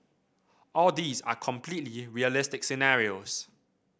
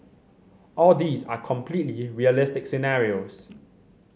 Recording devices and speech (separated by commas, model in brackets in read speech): boundary microphone (BM630), mobile phone (Samsung C7100), read sentence